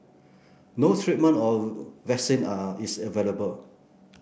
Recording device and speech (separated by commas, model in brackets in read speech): boundary microphone (BM630), read sentence